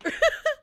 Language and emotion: Thai, happy